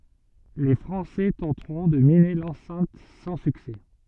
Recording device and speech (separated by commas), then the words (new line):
soft in-ear microphone, read sentence
Les Français tenteront de miner l'enceinte sans succès.